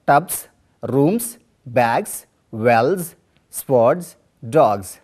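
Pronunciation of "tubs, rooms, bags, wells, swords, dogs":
In 'tubs, rooms, bags, wells, swords, dogs', the plural endings are pronounced incorrectly, with an s sound instead of a z sound.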